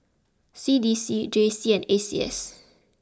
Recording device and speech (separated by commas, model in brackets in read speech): close-talking microphone (WH20), read sentence